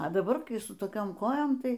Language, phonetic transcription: Lithuanian, a daˈbar kai su toˈkiom ˈkojom ˈtai

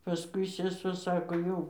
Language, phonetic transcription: Lithuanian, paˈskui seˈsuo ˈsako ˈjau

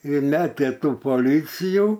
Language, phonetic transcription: Lithuanian, ir ˈmetė ˈtų poˈlycijų

